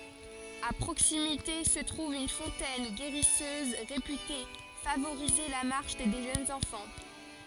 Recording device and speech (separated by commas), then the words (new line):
forehead accelerometer, read sentence
À proximité se trouve une fontaine guérisseuse, réputée favoriser la marche des jeunes enfants.